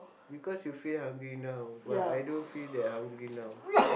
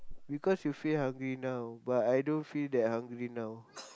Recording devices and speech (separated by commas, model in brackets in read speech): boundary microphone, close-talking microphone, conversation in the same room